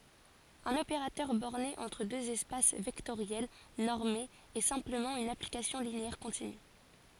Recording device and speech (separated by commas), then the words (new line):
forehead accelerometer, read sentence
Un opérateur borné entre deux espaces vectoriels normés est simplement une application linéaire continue.